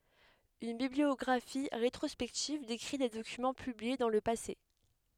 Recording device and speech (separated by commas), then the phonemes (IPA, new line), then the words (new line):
headset microphone, read sentence
yn bibliɔɡʁafi ʁetʁɔspɛktiv dekʁi de dokymɑ̃ pyblie dɑ̃ lə pase
Une bibliographie rétrospective décrit des documents publiés dans le passé.